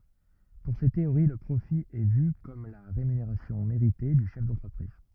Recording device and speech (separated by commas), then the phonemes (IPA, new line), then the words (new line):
rigid in-ear microphone, read sentence
puʁ se teoʁi lə pʁofi ɛ vy kɔm la ʁemyneʁasjɔ̃ meʁite dy ʃɛf dɑ̃tʁəpʁiz
Pour ces théories le profit est vu comme la rémunération méritée du chef d'entreprise.